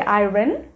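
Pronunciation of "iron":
'Iron' is pronounced incorrectly here.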